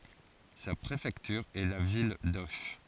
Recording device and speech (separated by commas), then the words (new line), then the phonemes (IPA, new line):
forehead accelerometer, read sentence
Sa préfecture est la ville d'Auch.
sa pʁefɛktyʁ ɛ la vil doʃ